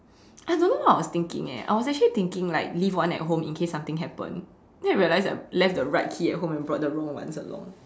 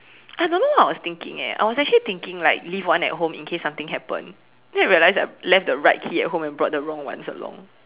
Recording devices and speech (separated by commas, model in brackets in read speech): standing microphone, telephone, conversation in separate rooms